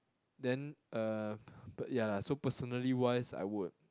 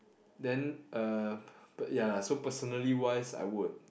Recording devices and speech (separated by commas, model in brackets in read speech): close-talking microphone, boundary microphone, conversation in the same room